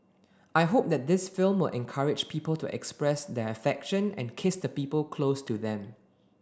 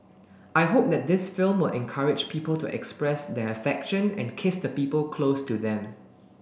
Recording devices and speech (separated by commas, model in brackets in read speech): standing microphone (AKG C214), boundary microphone (BM630), read sentence